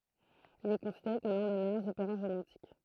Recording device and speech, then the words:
throat microphone, read sentence
Il est considéré comme l'un des meilleurs opéras romantiques.

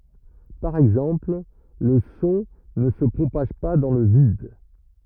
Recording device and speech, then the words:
rigid in-ear microphone, read sentence
Par exemple, le son ne se propage pas dans le vide.

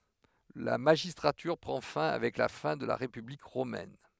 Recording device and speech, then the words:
headset microphone, read sentence
La magistrature prend fin avec la fin de la République romaine.

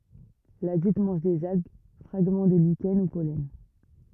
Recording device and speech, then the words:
rigid in-ear microphone, read sentence
L'adulte mange des algues, fragments de lichens ou pollens.

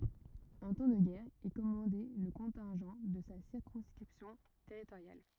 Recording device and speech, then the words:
rigid in-ear microphone, read sentence
En temps de guerre, il commandait le contingent de sa circonscription territoriale.

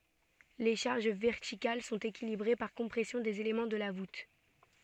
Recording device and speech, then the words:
soft in-ear microphone, read sentence
Les charges verticales sont équilibrées par compression des éléments de la voûte.

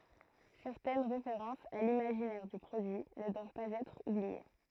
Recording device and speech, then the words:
throat microphone, read sentence
Certaines références à l'imaginaire du produit ne doivent pas être oubliées.

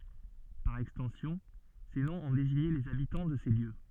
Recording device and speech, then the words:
soft in-ear microphone, read sentence
Par extension, ces noms ont désigné les habitants de ces lieux.

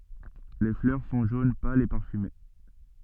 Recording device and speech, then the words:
soft in-ear microphone, read sentence
Les fleurs sont jaune pâle et parfumées.

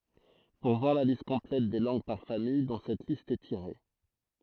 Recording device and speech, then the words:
throat microphone, read sentence
Pour voir la liste complète des langues par famille dont cette liste est tirée.

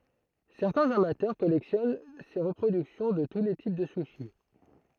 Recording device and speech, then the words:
throat microphone, read sentence
Certains amateurs collectionnent ces reproductions de tous les types de sushis.

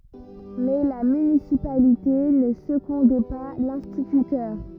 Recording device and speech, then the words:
rigid in-ear microphone, read sentence
Mais la municipalité ne secondait pas l'instituteur.

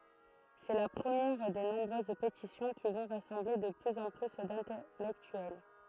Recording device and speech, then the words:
throat microphone, read sentence
C'est la première des nombreuses pétitions qui vont rassembler de plus en plus d'intellectuels.

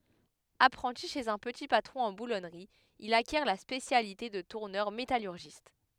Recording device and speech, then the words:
headset microphone, read sentence
Apprenti chez un petit patron en boulonnerie, il acquiert la spécialité de tourneur métallurgiste.

